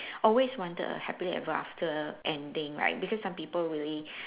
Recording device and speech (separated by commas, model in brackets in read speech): telephone, conversation in separate rooms